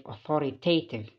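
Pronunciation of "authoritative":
'Authoritative' is said the American English way, with the stress on the second syllable.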